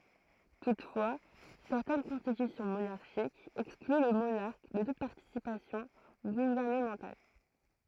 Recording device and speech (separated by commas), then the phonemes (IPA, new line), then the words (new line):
throat microphone, read sentence
tutfwa sɛʁtɛn kɔ̃stitysjɔ̃ monaʁʃikz ɛkskly lə monaʁk də tut paʁtisipasjɔ̃ ɡuvɛʁnəmɑ̃tal
Toutefois, certaines constitutions monarchiques excluent le monarque de toute participation gouvernementale.